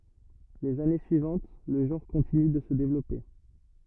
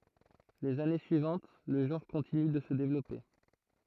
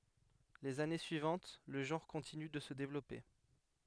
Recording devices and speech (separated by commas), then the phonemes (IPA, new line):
rigid in-ear microphone, throat microphone, headset microphone, read sentence
lez ane syivɑ̃t lə ʒɑ̃ʁ kɔ̃tiny də sə devlɔpe